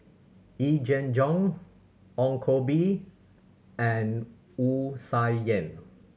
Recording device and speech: mobile phone (Samsung C7100), read sentence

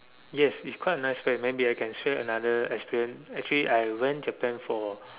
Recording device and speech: telephone, conversation in separate rooms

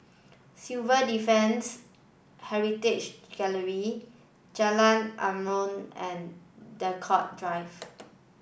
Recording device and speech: boundary microphone (BM630), read sentence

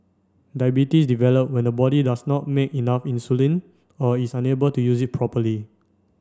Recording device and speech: standing microphone (AKG C214), read sentence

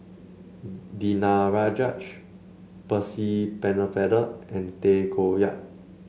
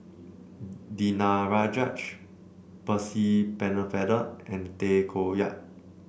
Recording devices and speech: mobile phone (Samsung C7), boundary microphone (BM630), read sentence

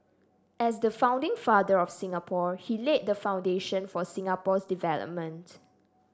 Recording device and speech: standing microphone (AKG C214), read sentence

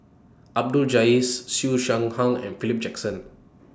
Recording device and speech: standing microphone (AKG C214), read sentence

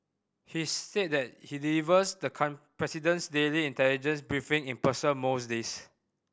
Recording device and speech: boundary microphone (BM630), read sentence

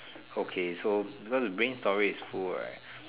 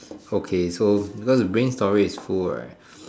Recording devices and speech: telephone, standing microphone, conversation in separate rooms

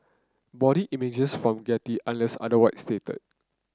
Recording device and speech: close-talking microphone (WH30), read sentence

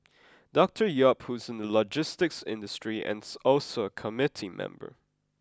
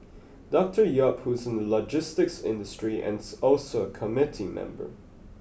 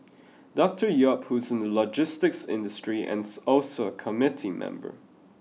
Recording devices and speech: close-talking microphone (WH20), boundary microphone (BM630), mobile phone (iPhone 6), read sentence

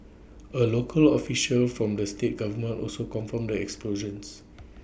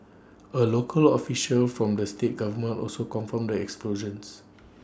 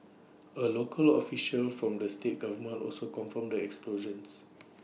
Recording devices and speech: boundary microphone (BM630), standing microphone (AKG C214), mobile phone (iPhone 6), read sentence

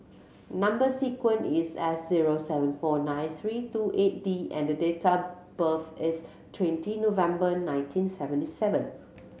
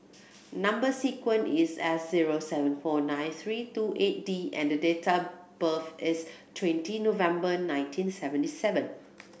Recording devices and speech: mobile phone (Samsung C7100), boundary microphone (BM630), read sentence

